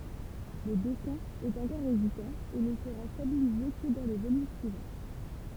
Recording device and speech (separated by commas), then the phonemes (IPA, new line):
temple vibration pickup, read sentence
lə dɛsɛ̃ ɛt ɑ̃kɔʁ ezitɑ̃ e nə səʁa stabilize kə dɑ̃ lə volym syivɑ̃